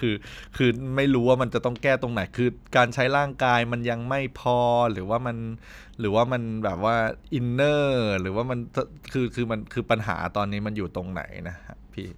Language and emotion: Thai, frustrated